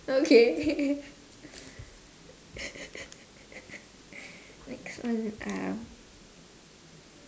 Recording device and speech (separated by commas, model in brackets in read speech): standing microphone, conversation in separate rooms